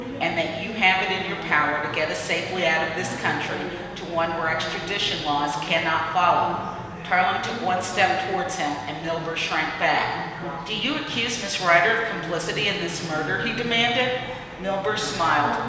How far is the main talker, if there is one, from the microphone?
1.7 m.